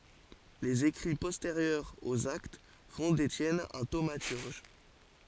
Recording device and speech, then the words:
forehead accelerometer, read sentence
Les écrits postérieurs aux Actes font d’Étienne un thaumaturge.

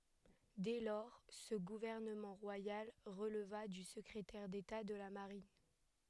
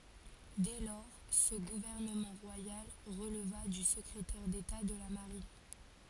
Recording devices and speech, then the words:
headset microphone, forehead accelerometer, read sentence
Dès lors, ce gouvernement royal releva du secrétaire d'État de la Marine.

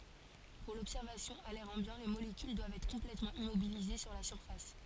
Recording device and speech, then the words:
forehead accelerometer, read sentence
Pour l'observation à l'air ambiant, les molécules doivent être complètement immobilisées sur la surface.

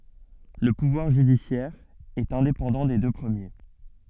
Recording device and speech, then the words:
soft in-ear microphone, read sentence
Le pouvoir judiciaire est indépendant des deux premiers.

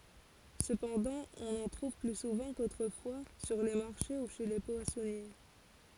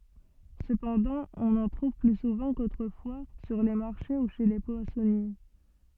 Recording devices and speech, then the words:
forehead accelerometer, soft in-ear microphone, read sentence
Cependant, on en trouve plus souvent qu'autrefois sur les marchés ou chez les poissonniers.

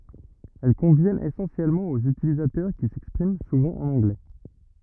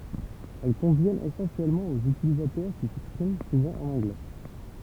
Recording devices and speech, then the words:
rigid in-ear microphone, temple vibration pickup, read sentence
Elles conviennent essentiellement aux utilisateurs qui s’expriment souvent en anglais.

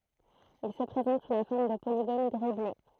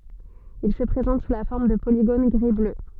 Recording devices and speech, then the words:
throat microphone, soft in-ear microphone, read sentence
Il se présente sous la forme de polygones gris-bleu.

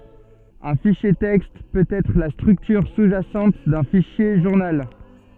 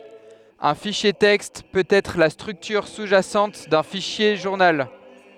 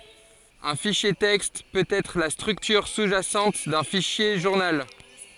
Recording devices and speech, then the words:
soft in-ear microphone, headset microphone, forehead accelerometer, read sentence
Un fichier texte peut être la structure sous-jacente d'un fichier journal.

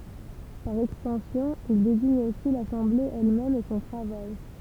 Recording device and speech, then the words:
temple vibration pickup, read sentence
Par extension, il désigne aussi l'assemblée elle-même et son travail.

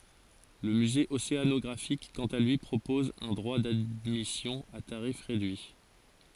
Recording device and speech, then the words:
forehead accelerometer, read sentence
Le musée océanographique quant à lui propose un droit d’admission à tarif réduit.

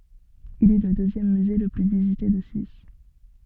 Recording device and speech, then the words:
soft in-ear microphone, read sentence
Il est le deuxième musée le plus visité de Suisse.

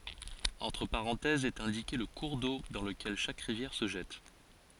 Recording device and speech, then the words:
forehead accelerometer, read sentence
Entre parenthèses est indiqué le cours d'eau dans lequel chaque rivière se jette.

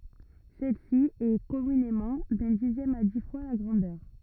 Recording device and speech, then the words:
rigid in-ear microphone, read sentence
Celle-ci est, communément, d'un dixième à dix fois la grandeur.

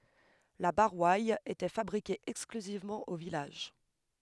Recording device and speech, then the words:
headset microphone, read sentence
La Boroille était fabriquée exclusivement au village.

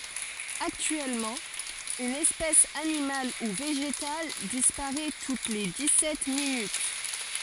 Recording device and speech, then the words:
forehead accelerometer, read sentence
Actuellement, une espèce animale ou végétale disparait toutes les dix-sept minutes.

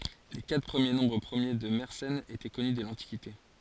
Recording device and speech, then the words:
forehead accelerometer, read sentence
Les quatre premiers nombres premiers de Mersenne étaient connus dès l'Antiquité.

